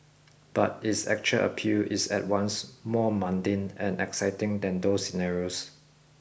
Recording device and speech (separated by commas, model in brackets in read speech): boundary microphone (BM630), read sentence